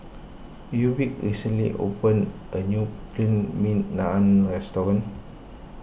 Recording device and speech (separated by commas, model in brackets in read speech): boundary microphone (BM630), read sentence